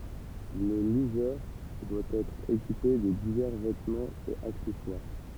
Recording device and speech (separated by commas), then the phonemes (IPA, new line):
temple vibration pickup, read sentence
lə lyʒœʁ dwa ɛtʁ ekipe də divɛʁ vɛtmɑ̃z e aksɛswaʁ